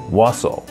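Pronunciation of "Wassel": In 'Walsall', the first L is silent, so it is not said as 'Wal-sall'.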